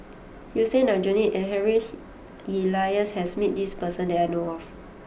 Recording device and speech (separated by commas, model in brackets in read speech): boundary microphone (BM630), read sentence